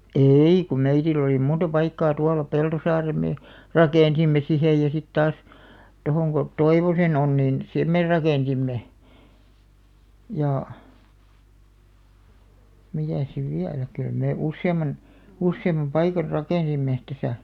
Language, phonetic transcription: Finnish, èi kum 'meitilˡ ‿olì 'munta paikkaa 'tuala 'Peltosaarem mee , "rakènsimme 'sihej ja sit taas , 'tohoŋ ɢo , "Toivosen ‿on nin , "sem mè 'rakènsimme , jà , 'mitä̀s siv 'viälä , 'kyl mè "usse₍aman , "usseimam 'paikar "rakènsimme , 'täsä .
- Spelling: ei kun meillä oli monta paikkaa tuolla Peltosaaren me rakensimme siihen ja sitten taas tuohon kun Toivosen on niin sen me rakensimme ja mitäs sitten vielä kyllä me useamman useamman paikan rakensimme tässä

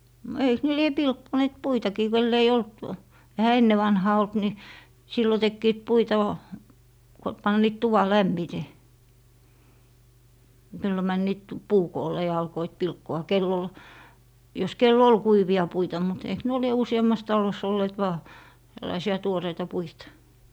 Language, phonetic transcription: Finnish, no 'eiks ne 'lie 'pilkkoneet "puitakii 'kel'l ‿ei 'olt , ehä 'enne vanhaa 'olt ni , 'sillo tekkiit 'puita vaa , ko 'panniit 'tuva "lämmite , sillo 'männiit "puu'koolle ja 'alkoit "pilkko₍a 'kell ‿ol , jos 'kel"l ‿ol 'kuivi₍a 'puita mut eik 'nuo lie 'usi₍ammas 'talos olleet 'vaa , tällaisi₍a 'tuoreita 'puita .
- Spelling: no eikös ne lie pilkkoneet puitakin kenellä ei ollut eihän ennen vanhaan ollut niin silloin tekivät puita vain kun panivat tuvan lämmite silloin menivät puukoolle ja alkoivat pilkkoa kenellä oli jos kenellä oli kuivia puita mutta eikö nuo lie useammassa talossa olleet vain tällaisia tuoreita puita

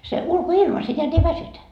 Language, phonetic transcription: Finnish, se 'ulko₍"ilma se neät ei "väsytä .
- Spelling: se ulkoilma se näet ei väsytä

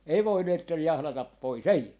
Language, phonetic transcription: Finnish, 'ei 'voineetten 'jahlatap 'pois , "ei .
- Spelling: ei voineet jahdata pois ei

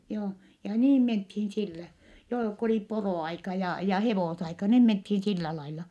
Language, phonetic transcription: Finnish, joo , ja niim menthiin sillä , joo , ko oli porò₍aika ja , ja hevòsaika niim menthin sillä laila .
- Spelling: joo ja niin mentiin sillä joo kun oli poroaika ja ja hevosaika niin mentiin sillä lailla

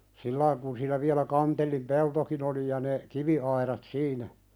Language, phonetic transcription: Finnish, 'sillaiŋ kun siinä viälä 'Kantellim "peltokin ‿oli ja ne , 'kivi₍aiðat "siinä .
- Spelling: sillä lailla kun siinä vielä Kantellin peltokin oli ja ne kiviaidat siinä

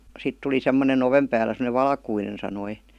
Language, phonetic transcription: Finnish, 'sit tuli 'semmone"n ‿ovem päälä sem°nev "valkuinen sanoi .
- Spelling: sitten tuli semmoinen oven päällä semmoinen valkoinen sanoi

